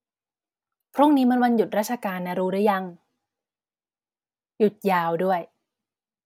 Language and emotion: Thai, neutral